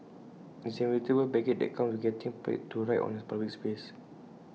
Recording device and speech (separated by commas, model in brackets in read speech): mobile phone (iPhone 6), read sentence